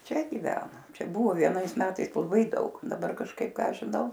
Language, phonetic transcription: Lithuanian, ˈčia giˈvena ˈčia ˈbuvo vieˈnais ˈmetais laˈbai ˈdaug daˈbar kažˈkaip ˈką žiˈnau

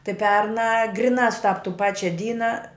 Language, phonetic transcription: Lithuanian, tai ˈpernā ˈgrinā suˈtap tų ˈpačia ˈdyna

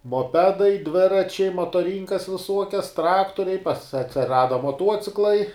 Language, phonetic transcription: Lithuanian, moˈpedai ˈdviračiai motoˈrynkas viˈsuokias ˈtraktoriai pas atsiˈrada moˈtuociklai

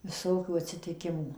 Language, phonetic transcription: Lithuanian, viˈsokių atsitiˈkimų

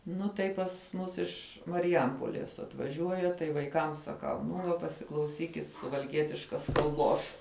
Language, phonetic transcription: Lithuanian, ˈnu tai pas ˈmus ˈiš mariˈjampolės atvaˈžiuoja tai vaiˈkam saˈkau ˈnu va pasiklauˈsykit suvalˈkietiškas kalˈbos

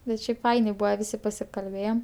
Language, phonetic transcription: Lithuanian, bet ˈšiaipˈfainė ˈbūva ˈvisi pasikalˈbėjem

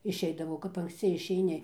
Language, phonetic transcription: Lithuanian, išˈeidavau kap anksˈci išeiˈni

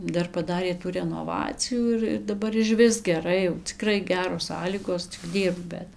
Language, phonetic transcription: Lithuanian, ˈdar paˈdarė tų renoˈvacijų ˈir ir daˈbar išˈvis geˈrai jau ciˈkrai ˈgeros ˈsąlygos cik ˈdyrbk ˈbet

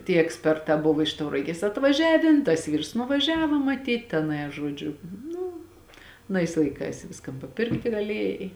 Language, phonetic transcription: Lithuanian, tie eksˈpertā ˈbuvo iš tauraˈgės atvaˈžiavėn tas ˈvyrs nuvaˈžiava maˈtyt teˈnai a ˈžuodžiu ˈnu aˈnais laiˈkais ˈviskan paˈpirkti gaˈliejai

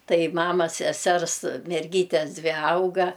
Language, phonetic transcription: Lithuanian, ˈtai ˈmamas seˈsers merˈgytes ˈdvi ˈauga

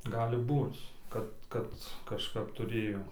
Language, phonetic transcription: Lithuanian, ˈgali ˈbūc ˈkad ˈkad kažˈkap tuˈrėjo

